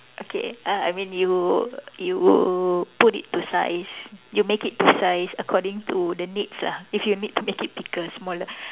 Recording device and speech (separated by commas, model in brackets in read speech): telephone, conversation in separate rooms